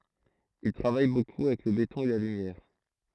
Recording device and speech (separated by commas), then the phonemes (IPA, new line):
throat microphone, read sentence
il tʁavaj boku avɛk lə betɔ̃ e la lymjɛʁ